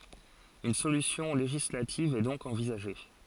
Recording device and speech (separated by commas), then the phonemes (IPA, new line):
forehead accelerometer, read sentence
yn solysjɔ̃ leʒislativ ɛ dɔ̃k ɑ̃vizaʒe